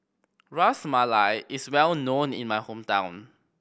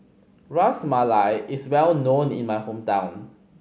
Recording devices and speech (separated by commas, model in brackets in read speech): boundary microphone (BM630), mobile phone (Samsung C5010), read sentence